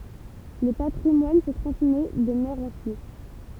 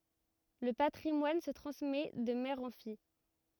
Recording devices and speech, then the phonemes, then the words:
temple vibration pickup, rigid in-ear microphone, read sentence
lə patʁimwan sə tʁɑ̃smɛ də mɛʁ ɑ̃ fij
Le patrimoine se transmet de mère en fille.

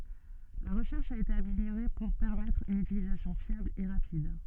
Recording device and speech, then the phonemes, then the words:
soft in-ear microphone, read sentence
la ʁəʃɛʁʃ a ete ameljoʁe puʁ pɛʁmɛtʁ yn ytilizasjɔ̃ fjabl e ʁapid
La recherche a été améliorée pour permettre une utilisation fiable et rapide.

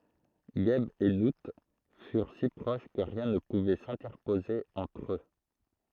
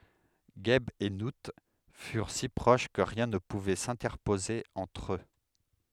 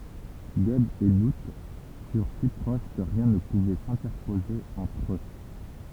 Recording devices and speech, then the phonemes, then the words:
throat microphone, headset microphone, temple vibration pickup, read sentence
ʒɛb e nu fyʁ si pʁoʃ kə ʁjɛ̃ nə puvɛ sɛ̃tɛʁpoze ɑ̃tʁ ø
Geb et Nout furent si proches que rien ne pouvait s'interposer entre eux.

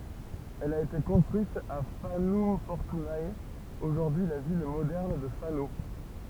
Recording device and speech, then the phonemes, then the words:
temple vibration pickup, read sentence
ɛl a ete kɔ̃stʁyit a fanɔm fɔʁtyne oʒuʁdyi la vil modɛʁn də fano
Elle a été construite à Fanum Fortunae, aujourd’hui la ville moderne de Fano.

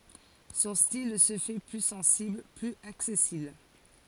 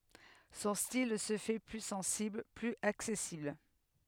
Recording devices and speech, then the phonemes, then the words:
forehead accelerometer, headset microphone, read sentence
sɔ̃ stil sə fɛ ply sɑ̃sibl plyz aksɛsibl
Son style se fait plus sensible, plus accessible.

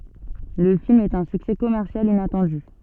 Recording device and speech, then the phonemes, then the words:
soft in-ear microphone, read sentence
lə film ɛt œ̃ syksɛ kɔmɛʁsjal inatɑ̃dy
Le film est un succès commercial inattendu.

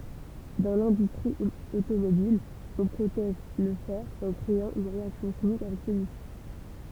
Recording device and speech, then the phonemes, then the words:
temple vibration pickup, read sentence
dɑ̃ lɛ̃dystʁi otomobil ɔ̃ pʁotɛʒ lə fɛʁ ɑ̃ kʁeɑ̃ yn ʁeaksjɔ̃ ʃimik avɛk səlyisi
Dans l'industrie automobile, on protège le fer en créant une réaction chimique avec celui-ci.

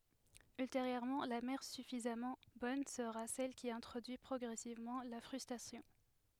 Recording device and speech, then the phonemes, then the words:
headset microphone, read sentence
ylteʁjøʁmɑ̃ la mɛʁ syfizamɑ̃ bɔn səʁa sɛl ki ɛ̃tʁodyi pʁɔɡʁɛsivmɑ̃ la fʁystʁasjɔ̃
Ultérieurement, la mère suffisamment bonne sera celle qui introduit progressivement la frustration.

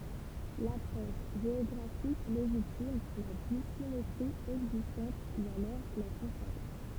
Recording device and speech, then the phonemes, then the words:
temple vibration pickup, read sentence
lapʁɔʃ ʒeɔɡʁafik leʒitim la disimetʁi ɛɡzistɑ̃t u alɔʁ la kɔ̃sakʁ
L'approche géographique légitime, la dissymétrie existante ou alors la consacre.

